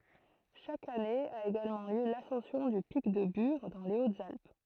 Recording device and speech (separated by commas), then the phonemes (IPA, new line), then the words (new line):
throat microphone, read sentence
ʃak ane a eɡalmɑ̃ ljø lasɑ̃sjɔ̃ dy pik də byʁ dɑ̃ le otzalp
Chaque année a également lieu l’ascension du pic de Bure dans les Hautes-Alpes.